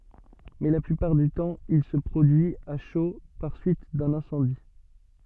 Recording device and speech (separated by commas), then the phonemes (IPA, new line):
soft in-ear microphone, read sentence
mɛ la plypaʁ dy tɑ̃ il sə pʁodyi a ʃo paʁ syit dœ̃n ɛ̃sɑ̃di